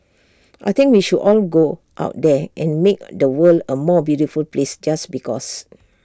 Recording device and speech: standing microphone (AKG C214), read sentence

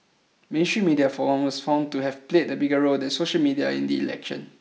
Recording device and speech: mobile phone (iPhone 6), read sentence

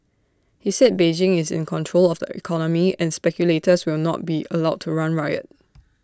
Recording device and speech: standing microphone (AKG C214), read sentence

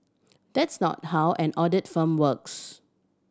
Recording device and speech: standing microphone (AKG C214), read sentence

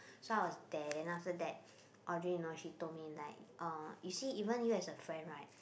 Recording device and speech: boundary microphone, conversation in the same room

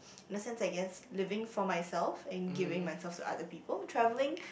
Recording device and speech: boundary microphone, conversation in the same room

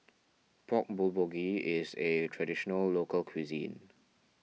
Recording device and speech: mobile phone (iPhone 6), read sentence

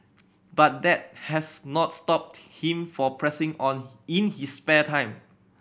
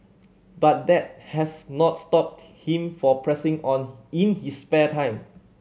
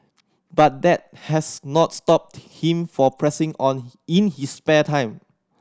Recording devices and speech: boundary microphone (BM630), mobile phone (Samsung C7100), standing microphone (AKG C214), read sentence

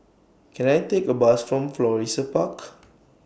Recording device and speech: boundary microphone (BM630), read sentence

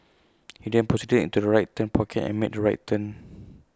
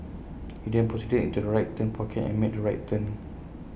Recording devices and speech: close-talking microphone (WH20), boundary microphone (BM630), read sentence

